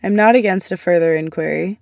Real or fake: real